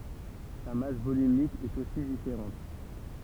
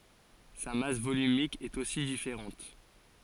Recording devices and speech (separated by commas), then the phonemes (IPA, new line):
temple vibration pickup, forehead accelerometer, read sentence
sa mas volymik ɛt osi difeʁɑ̃t